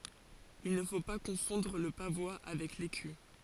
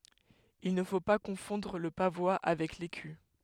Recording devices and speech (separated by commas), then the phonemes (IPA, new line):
forehead accelerometer, headset microphone, read sentence
il nə fo pa kɔ̃fɔ̃dʁ lə pavwa avɛk leky